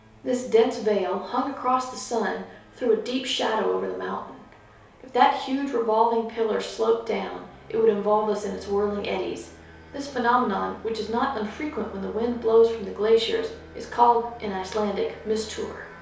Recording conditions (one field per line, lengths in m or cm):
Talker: one person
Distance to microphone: 3.0 m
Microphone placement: far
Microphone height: 1.8 m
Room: small (3.7 m by 2.7 m)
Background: none